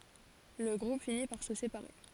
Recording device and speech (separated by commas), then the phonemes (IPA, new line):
forehead accelerometer, read sentence
lə ɡʁup fini paʁ sə sepaʁe